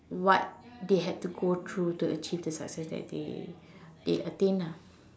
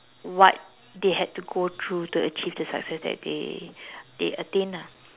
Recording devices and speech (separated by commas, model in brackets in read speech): standing microphone, telephone, conversation in separate rooms